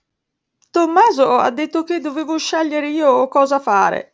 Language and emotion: Italian, sad